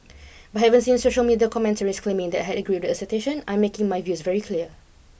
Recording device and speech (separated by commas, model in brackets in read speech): boundary microphone (BM630), read sentence